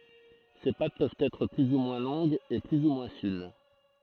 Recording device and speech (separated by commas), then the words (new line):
throat microphone, read sentence
Ces pâtes peuvent être plus ou moins longues et plus ou moins fines.